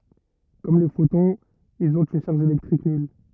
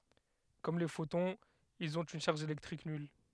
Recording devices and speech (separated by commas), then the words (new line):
rigid in-ear microphone, headset microphone, read sentence
Comme les photons, ils ont une charge électrique nulle.